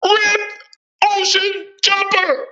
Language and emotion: English, disgusted